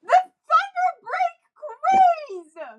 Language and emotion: English, sad